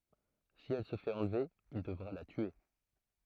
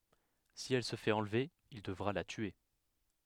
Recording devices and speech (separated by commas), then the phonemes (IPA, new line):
throat microphone, headset microphone, read sentence
si ɛl sə fɛt ɑ̃lve il dəvʁa la tye